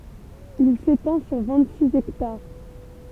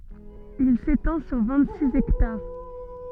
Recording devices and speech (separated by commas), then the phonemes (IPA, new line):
temple vibration pickup, soft in-ear microphone, read sentence
il setɑ̃ syʁ vɛ̃t siz ɛktaʁ